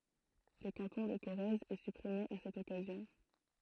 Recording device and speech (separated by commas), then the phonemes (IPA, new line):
throat microphone, read sentence
lə kɑ̃tɔ̃ də koʁɛz ɛ sypʁime a sɛt ɔkazjɔ̃